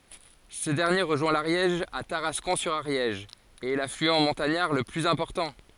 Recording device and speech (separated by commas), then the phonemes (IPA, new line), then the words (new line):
forehead accelerometer, read sentence
sə dɛʁnje ʁəʒwɛ̃ laʁjɛʒ a taʁaskɔ̃ syʁ aʁjɛʒ e ɛ laflyɑ̃ mɔ̃taɲaʁ lə plyz ɛ̃pɔʁtɑ̃
Ce dernier rejoint l'Ariège à Tarascon-sur-Ariège et est l'affluent montagnard le plus important.